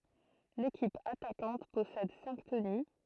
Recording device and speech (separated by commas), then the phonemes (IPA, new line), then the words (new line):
throat microphone, read sentence
lekip atakɑ̃t pɔsɛd sɛ̃k təny
L'équipe attaquante possède cinq tenus.